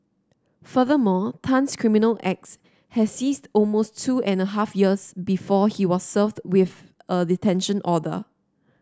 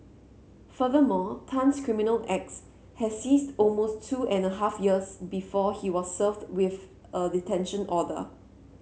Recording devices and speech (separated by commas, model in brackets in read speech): standing microphone (AKG C214), mobile phone (Samsung C7), read sentence